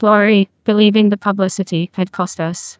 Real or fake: fake